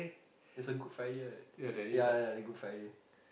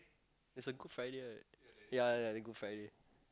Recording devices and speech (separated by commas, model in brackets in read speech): boundary microphone, close-talking microphone, conversation in the same room